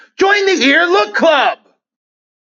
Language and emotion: English, happy